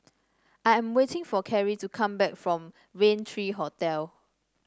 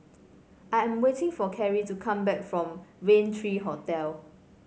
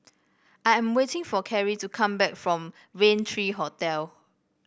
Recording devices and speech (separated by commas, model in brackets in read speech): standing microphone (AKG C214), mobile phone (Samsung C5), boundary microphone (BM630), read sentence